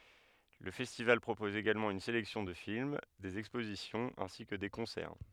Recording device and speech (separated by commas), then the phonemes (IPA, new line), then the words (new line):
headset microphone, read sentence
lə fɛstival pʁopɔz eɡalmɑ̃ yn selɛksjɔ̃ də film dez ɛkspozisjɔ̃z ɛ̃si kə de kɔ̃sɛʁ
Le festival propose également une sélection de films, des expositions ainsi que des concerts.